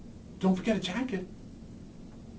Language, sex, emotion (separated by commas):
English, male, neutral